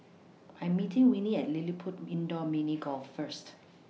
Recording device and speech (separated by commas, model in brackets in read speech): mobile phone (iPhone 6), read sentence